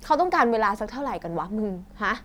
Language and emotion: Thai, frustrated